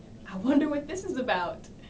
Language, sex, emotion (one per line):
English
female
happy